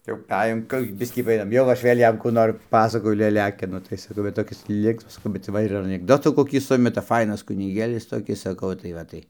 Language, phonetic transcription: Lithuanian, jau paˈejom ˈkur jau ˈbiskį paˈėjom ˈjau aš ˈvėl' ˈjam ˈkų nor ˈpasakoju leˈliakinu tai saˈkau va toˈkis ˈlinksmas bet ˈva ir anikˈdotų koˈkį ˈsumeta ˈfainas kuniˈgėlis toˈkis saˈkau tai ˈva tai

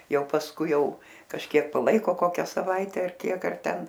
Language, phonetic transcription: Lithuanian, ˈjau pasˈkui ˈjau kažˈkiek paˈlaiko ˈkokią saˈvaite ar ˈkiek ar ˈten

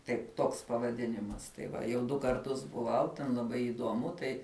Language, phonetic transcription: Lithuanian, ˈtaip ˈtoks pavaˈdinimas tai ˈva jau ˈdu karˈtus buˈvau ten laˈbai iˈduomu ˈtai

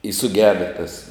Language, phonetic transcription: Lithuanian, i suˈgeda tas

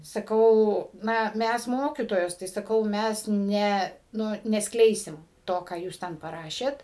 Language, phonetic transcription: Lithuanian, saˈkau ˈna ˈmæs ˈmokytojos tai ˈsakau ˈmæs ˈne ˈnu nesˈkleisim ˈto ką ˈjūs ˈten paˈrašėt

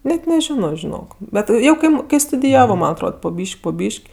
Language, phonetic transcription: Lithuanian, ˈnet neˈžino žiˈnok ˈbet ˈjau ˈkaip ˈkai studiˈjavo ˈman atˈrod po ˈbyš'k' po ˈbyš'k'

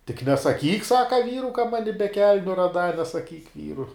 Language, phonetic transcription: Lithuanian, tik nesaˈkyk ˈsaka ˈvyru ka ˈmani be ˈkelniu raˈdā nesaˈkyk ˈvyru

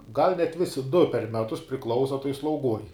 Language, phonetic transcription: Lithuanian, gal' net ˈvisi du per ˈmetus priˈklausa tuoj slauˈguoj

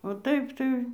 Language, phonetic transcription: Lithuanian, o ˈtaip tai

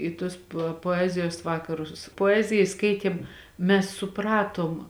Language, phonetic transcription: Lithuanian, i ˈtuos pa poˈezijos ˈvakarus poˈeziji ˈskaitėm ˈmes suˈpratom

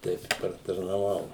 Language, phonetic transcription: Lithuanian, ˈteip i partarnaˈvau

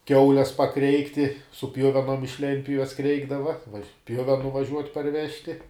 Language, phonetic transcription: Lithuanian, ˈkiaules paˈkreikti su ˈpjuvenom iš ˈlentpjuves ˈkreikdava ˈpjuvenu vaˈžiuot' parˈvežti

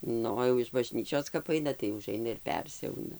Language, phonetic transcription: Lithuanian, ˈnu o jau iš baˈžnyčios kap ˈaina tai uˈžaina ir ˈpersiauna

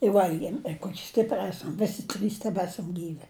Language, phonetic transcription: Lithuanian, i ˈvalgiem i ˈkoki ˈstipri ˈesam ˈvesi ˈtrys teˈbesam ˈgyvi

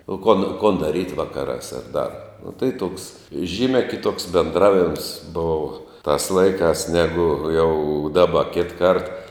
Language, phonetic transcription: Lithuanian, o kon kon daˈryt' ˈvakarās ar dar nu tai toks ˈžymia kiˈtoks benˈdravims ˈbova tas ˈlaikās ˈnegu jau ˈdaba ˈkitˈkart

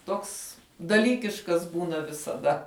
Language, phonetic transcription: Lithuanian, ˈtoks daˈlykiškas ˈbūna visaˈda

